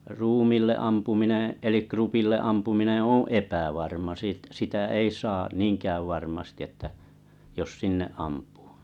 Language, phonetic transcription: Finnish, 'ruumìlle 'ampumineḛ , elik 'krupille 'ampumine oo̰ "epävarma siit- sitä 'ei saa , "niiŋkääv varmasti ᵉttä , jos "sinne 'ampᴜᴜ .
- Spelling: ruumiille ampuminen eli krupille ampuminen on epävarma - sitä ei saa niinkään varmasti että jos sinne ampuu

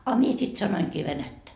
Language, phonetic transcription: Finnish, a 'mie sit 'sanoiŋkii 'venättä .
- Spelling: a minä sitten sanoinkin venättä

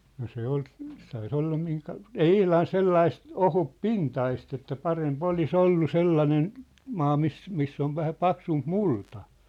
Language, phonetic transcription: Finnish, no 'se ‿ol , 'sai 'sĕ olla miŋka- , 'ei "ihlan "sellaist , 'ohup"pintaist ‿että 'parem'p ‿oli's ‿ollu 'sellanen , 'maa mis , 'miss ‿ov vähä "paksump "multa .
- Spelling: no se oli sai se olla - ei ihan sellaista ohutpintaista että parempi olisi ollut sellainen maa missä missä on vähän paksumpi multa

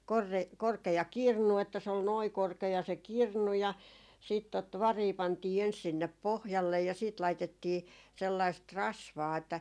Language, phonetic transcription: Finnish, sellai , 'korkeja , kor̆re- 'korkeja "kirnu että se ol "noi 'korkeja se "kirnu ja , siit tot "varii 'pantii 'ens sinnep "pohjallej ja siit 'laitettii , 'sellaist "rasvaa että ,.
- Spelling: sellainen korkea - korkea kirnu että se oli noin korkea se kirnu ja sitten tuota varia pantiin ensi sinne pohjalle ja sitten laitettiin sellaista rasvaa että

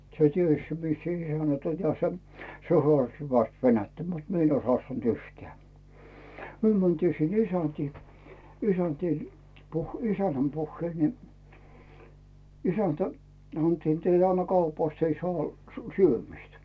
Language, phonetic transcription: Finnish, se "ties mis sᴇ "isänät oĺ ja 'se 'hᵒàstɪ hyväst 'venättä mut 'mie ‿n oⁱs 'hᵒàstant "yhteä̀ , 'myö mäntii sinn ‿"isäntii , "isäntii , puh- , "isän̆näm "puhheil ni , 'isäntä , 'h̳anttii et » 'ei ne 'anna "kaupàst , 'ei 'sᵒà1- , "syömistä « .
- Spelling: se tiesi missä se isännät oli ja se haastoi hyvästi venäjää mutta minä en olisi haastanut yhtään me mentiin sinne isäntiin isäntiin - isännän puheille niin isäntä sanottiin että ei ne anna kaupasta ei saa - syömistä

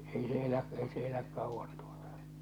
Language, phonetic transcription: Finnish, 'ei se elä’ , ei se eläk 'kauvvan tᴜᴏtᴀ .
- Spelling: ei se elä ei se elä kauan tuota

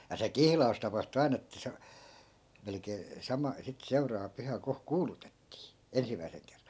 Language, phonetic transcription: Finnish, ja se "kihla₍us tapahtu 'ai̮n ‿ettᵃ̈ se , 'melᵉkee , 'sama , sit 'seuraava 'pyhä 'ko , "kuulutettii , 'ensim̆mäi̮seŋ kerran̬ .
- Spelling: ja se kihlaus tapahtui aina että se melkein sama sitten seuraava pyhä kun kuulutettiin ensimmäisen kerran

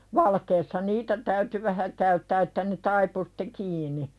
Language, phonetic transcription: Finnish, 'valkeessa "niitä täyty 'vähä käyttää että ne 'taipu sɪt̆te "kiini .
- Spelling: valkeassa niitä täytyi vähän käyttää että ne taipui sitten kiinni

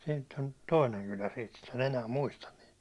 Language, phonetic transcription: Finnish, siint̆t ‿on 'toineŋ kylä (siit mut) en enää 'muistan niit .
- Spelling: siinä on toinen kylä siitä mutta en enää muistan niitä

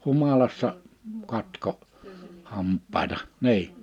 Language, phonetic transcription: Finnish, 'humalassa , 'katko , 'hamppàeta , "ni̬i .
- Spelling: humalassa katkoi hampaita niin

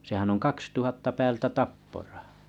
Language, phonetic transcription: Finnish, sehän oŋ 'kaks tuhatta päältä "tapporᴀhᴀ .
- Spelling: sehän on kaksi tuhatta päältä tapporaha

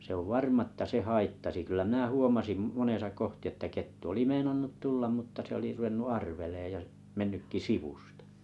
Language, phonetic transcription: Finnish, sᵉ ‿ov ᵉtta 'se"haittasi kyl̆lä mⁱnä̀ huomasim , 'monesa 'kohti että 'kettu oli "meinannut "tullam mᵘtta se oli ruvennu "arveleej ja’ , 'mennykki "sivustᴀ .
- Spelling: se on varma että se haittasi kyllä minä huomasin monessa kohdin että kettu oli meinannut tulla mutta se oli ruvennut arvelemaan ja mennytkin sivusta

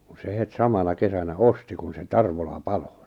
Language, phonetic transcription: Finnish, kun̬ se het 'samana 'kesänä "osti kun se "Tarvola "palo .
- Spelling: kun se heti samana kesänä osti kun se Tarvola paloi

